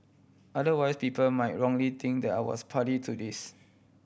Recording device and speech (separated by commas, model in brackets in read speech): boundary microphone (BM630), read sentence